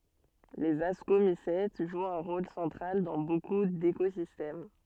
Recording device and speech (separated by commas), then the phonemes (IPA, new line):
soft in-ear microphone, read sentence
lez askomisɛt ʒwt œ̃ ʁol sɑ̃tʁal dɑ̃ boku dekozistɛm